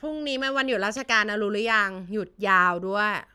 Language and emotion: Thai, frustrated